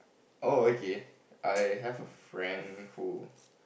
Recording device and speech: boundary microphone, conversation in the same room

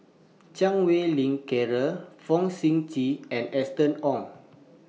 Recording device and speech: mobile phone (iPhone 6), read sentence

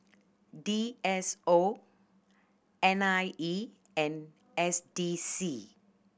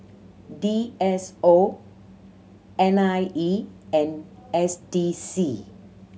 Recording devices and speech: boundary microphone (BM630), mobile phone (Samsung C7100), read sentence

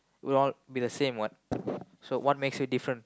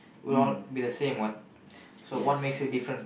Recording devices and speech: close-talking microphone, boundary microphone, conversation in the same room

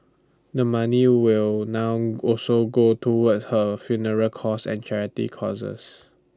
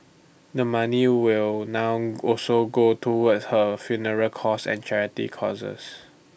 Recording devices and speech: standing microphone (AKG C214), boundary microphone (BM630), read sentence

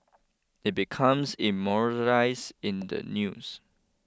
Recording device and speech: close-talking microphone (WH20), read sentence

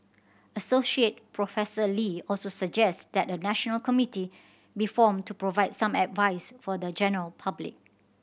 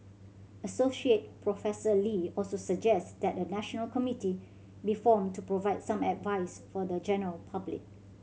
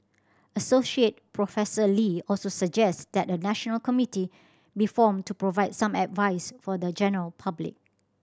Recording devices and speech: boundary microphone (BM630), mobile phone (Samsung C7100), standing microphone (AKG C214), read sentence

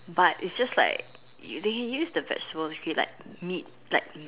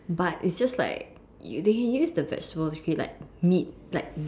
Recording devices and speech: telephone, standing microphone, conversation in separate rooms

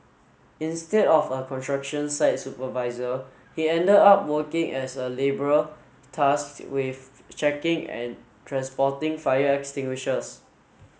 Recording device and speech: mobile phone (Samsung S8), read sentence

